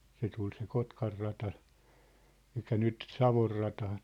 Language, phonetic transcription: Finnish, se 'tul se "Kotkar'rata , ᴇʟkä 'nyt , "Savor'rata .
- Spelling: se tuli se Kotkanrata eli nyt Savonrata

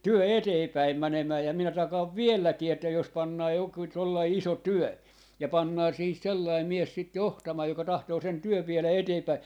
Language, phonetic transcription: Finnish, "työ "eteepäim 'mänemää ja 'minä 'takaav "vielläkii että jos 'pannaa joku 'tollai "iso "työ , ja 'pannaa 'siihis 'sellai 'mies 'sit "johtamaaj joka 'tahtoo sen 'työv 'vielä "eteepäi .
- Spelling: työ eteenpäin menemään ja minä takaan vieläkin että jos pannaan joku tuollainen iso työ ja pannaan siihen sellainen mies sitä johtamaan joka tahtoo sen työn vielä eteenpäin

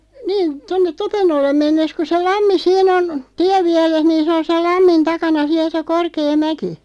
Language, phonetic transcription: Finnish, 'niin , 'tonnet "Topennollem 'mennes ku 'se 'lammi "siin ‿on , 'tiävviɛres niin sᵉ on sel "lammin 'takana 'siäˡ se "korkee 'mäki .
- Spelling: niin tuonne Topennolle mennessä kun se lammi siinä on tienvieressä niin se on sen lammin takana siellä se korkea mäki

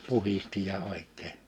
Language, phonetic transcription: Finnish, 'puhisti ja 'òik̆kee .
- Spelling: puhdisti ja oikein

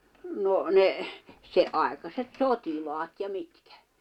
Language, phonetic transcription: Finnish, 'no , ne , 'se’ ’ài̬kaset "sot́ilaat ja 'mitkᴀ̈ .
- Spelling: no ne se aikaiset sotilaat ja mitkä

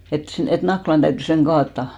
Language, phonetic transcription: Finnish, et 'sen tᵃ̈- , et 'Naklan ᴅäytty 'seŋ "ɢaattà .
- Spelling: että sen - että Nakkilan täytyy sen kaataa

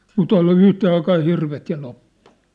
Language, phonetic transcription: Finnish, mu't ‿[on] ollᴜ "yhtee aikaa 'hirvet ja 'loppu .
- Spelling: mutta on ollut yhteen aikaan hirvet ja loppu

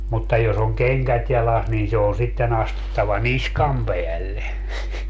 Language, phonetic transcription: Finnish, mutta jos ‿oŋ "keŋkät jalas niin se on 'sitten ‿astuttava "niskam peälle .
- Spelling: mutta jos on kengät jalassa niin se on sitten astuttava niskan päälle

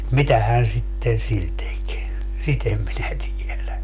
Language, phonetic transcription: Finnish, "mitähään sitten 'sil tek , "sit ‿em minä 'tielä .
- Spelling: mitähän sitten sillä teki sitä en minä tiedä

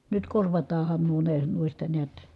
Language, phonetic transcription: Finnish, nyt korvataahan nuo ne nuista neät ,.
- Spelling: nyt korvataan nuo ne noista näet

